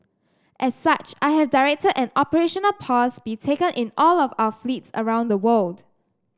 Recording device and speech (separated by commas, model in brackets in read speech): standing microphone (AKG C214), read sentence